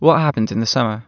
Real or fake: real